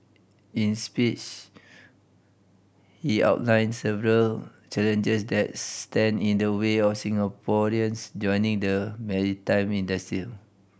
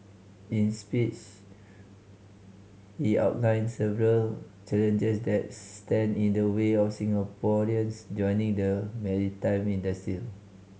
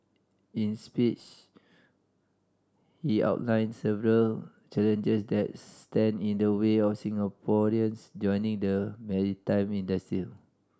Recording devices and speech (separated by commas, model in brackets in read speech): boundary microphone (BM630), mobile phone (Samsung C5010), standing microphone (AKG C214), read sentence